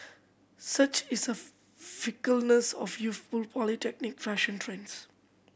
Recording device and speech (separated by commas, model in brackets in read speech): boundary microphone (BM630), read sentence